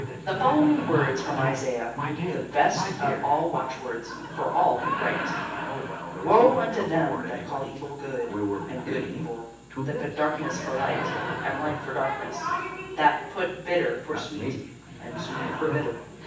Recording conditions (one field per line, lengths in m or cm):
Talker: one person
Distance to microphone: 9.8 m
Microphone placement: far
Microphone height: 1.8 m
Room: large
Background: television